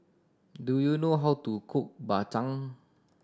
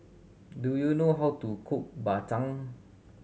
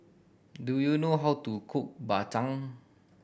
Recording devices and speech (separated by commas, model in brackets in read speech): standing microphone (AKG C214), mobile phone (Samsung C7100), boundary microphone (BM630), read sentence